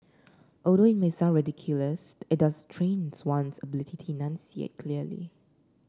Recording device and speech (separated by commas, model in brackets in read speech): standing microphone (AKG C214), read sentence